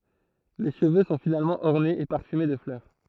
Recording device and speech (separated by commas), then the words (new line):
throat microphone, read sentence
Les cheveux sont finalement ornés et parfumés de fleurs.